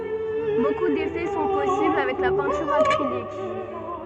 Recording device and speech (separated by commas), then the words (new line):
soft in-ear microphone, read sentence
Beaucoup d'effets sont possibles avec la peinture acrylique.